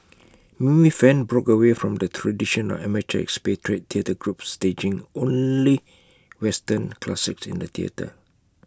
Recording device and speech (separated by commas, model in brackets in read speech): close-talking microphone (WH20), read sentence